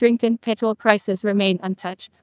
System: TTS, neural waveform model